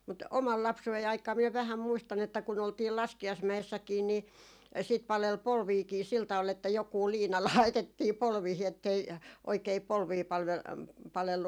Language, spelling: Finnish, mutta oman lapsuuteni aikaa minä vähän muistan että kun oltiin laskiaismäessäkin niin sitten paleli polviakin sillä tavalla että joku liina laitettiin polviin että ei oikein polvia - palellut
- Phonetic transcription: mut "omal 'lapsu₍ei aik̀aa miɛ vähäm muistan ‿että kun ‿oltii 'laski₍aismä₍essäkiin ni , sit 'palel "polviiki sil 'taᵛal että 'jokuu 'liina "laitettii 'polviihi ettei , 'oikei 'polvii palv- , 'palellu .

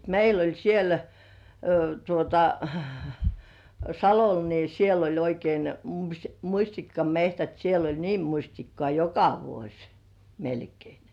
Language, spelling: Finnish, meillä oli siellä tuota Salolla niin siellä oli oikein mustikkametsät siellä oli niin mustikkaa joka vuosi melkein
- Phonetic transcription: 'meil ‿oĺ 'siel , tuota , "Salol ni siel ‿oĺ oikein , mu-'muśtikka"mehtät siel ‿oĺ niiᵐ muśtikkŏà "joka 'vuoś , melkei .

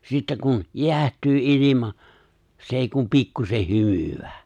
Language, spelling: Finnish, sitten kun jäähtyy ilma se ei kuin pikkuisen hymyää
- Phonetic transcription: 'sittä kun , "je̬ä̀htyy '’ilima , se̬ èi kum 'pikkusen "hymywᴀ̈ᴀ̈ .

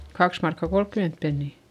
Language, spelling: Finnish, kaksi markkaa kolmekymmentä penniä
- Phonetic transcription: kaks markka kolkkyment pennì .

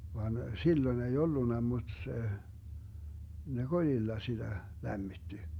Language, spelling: Finnish, vaan silloin ei ollut mutta se ne kolilla sitä lämmitti
- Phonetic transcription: 'van , 'silloⁱn ei 'ollunna muD 'se , 'ne "koĺilla 'siDä , 'lämmitti .

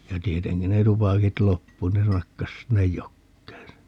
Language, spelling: Finnish, ja tietenkin ne tupakit loppui ne nakkasi sinne jokeen sen
- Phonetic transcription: ja 'tieteŋki ne "tupakit 'loppu - ne 'nakkas 'sinnej "jokkeen se .

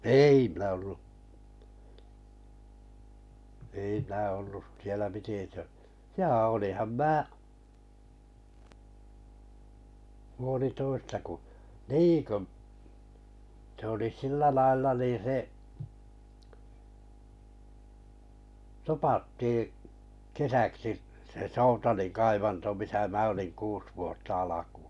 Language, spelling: Finnish, ei minä ollut ei minä ollut siellä piti - jaa olinhan minä puolitoista kun niin kun se oli sillä lailla niin se topattiin kesäksi se Soutalin kaivanto missä minä olin kuusi vuotta alkuun
- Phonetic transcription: èi minä ollu , 'ei minä ollu , sielä piti tö- , "ja 'olìham 'mää 'puolitoista ku , "ni ku͕ , s ‿oli 'sillä 'lailla niin̬ 'se , 'topattii , 'kesäksi’ , se "Soutalin 'kaivanto 'misä 'mä oliŋ 'kuus vuotta 'alakᴜᴜ .

